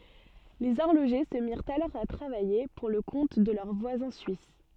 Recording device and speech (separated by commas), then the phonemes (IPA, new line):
soft in-ear microphone, read sentence
lez ɔʁloʒe sə miʁt alɔʁ a tʁavaje puʁ lə kɔ̃t də lœʁ vwazɛ̃ syis